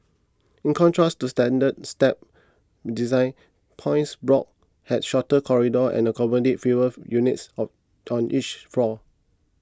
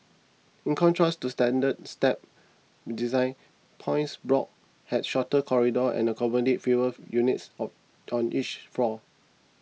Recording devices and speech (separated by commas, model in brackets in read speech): close-talking microphone (WH20), mobile phone (iPhone 6), read sentence